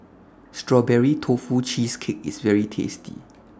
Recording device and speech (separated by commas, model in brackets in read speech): standing microphone (AKG C214), read sentence